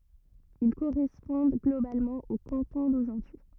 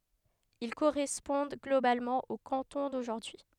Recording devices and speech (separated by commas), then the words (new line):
rigid in-ear microphone, headset microphone, read sentence
Ils correspondent globalement aux cantons d'aujourd'hui.